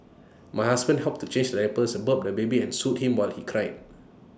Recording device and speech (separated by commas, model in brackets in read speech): standing microphone (AKG C214), read sentence